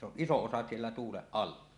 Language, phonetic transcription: Finnish, se ‿oˀ "ˀisoˀ 'ˀosa siellä tuuleˀ 'ˀalla .
- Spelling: se on iso osa siellä tuulen alla

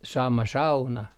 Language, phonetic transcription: Finnish, 'sama 'sauna .
- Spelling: sama sauna

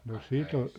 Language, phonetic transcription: Finnish, 'no "sit ‿o ,.
- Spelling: no sitä on

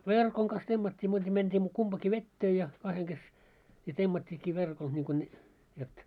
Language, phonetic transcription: Finnish, 'verkoŋ kas 'temmat́t́ii muuta mentii 'kumpaki "vettee ja , 'kaheŋ kes , ja 'temmat́t́iikki 'verkol niŋko ne , jot ,.
- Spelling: verkon kanssa temmattiin muuta mentiin kumpikin veteen ja kahden kesken ja temmattiinkin verkolla niin kuin ne jotta

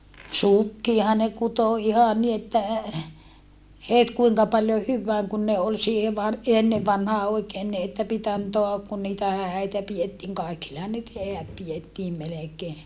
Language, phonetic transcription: Finnish, sukkiaha ne kuto iha ni että , het kuiŋka paljo hyvvääŋ kun ne ol siihe var- , enne vanhaa oikeen ni että pit ‿antoa , kun niitä hä̀i̮tä piettiiŋ kaikillehan nyt heät pijettiim melekee .
- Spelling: sukkiahan ne kutoi ihan niin että heti kuinka paljon hyvään kun ne oli siihen - ennen vanhaan oikein niin että piti antaa kun niitä häitä pidettiin kaikillehan nyt häät pidettiin melkein

